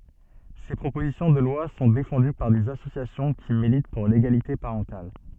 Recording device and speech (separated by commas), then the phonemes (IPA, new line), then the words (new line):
soft in-ear microphone, read sentence
se pʁopozisjɔ̃ də lwa sɔ̃ defɑ̃dy paʁ dez asosjasjɔ̃ ki milit puʁ leɡalite paʁɑ̃tal
Ces propositions de loi sont défendues par des associations qui militent pour l'égalité parentale.